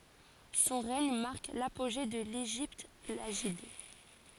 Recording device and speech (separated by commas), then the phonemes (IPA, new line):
forehead accelerometer, read sentence
sɔ̃ ʁɛɲ maʁk lapoʒe də leʒipt laʒid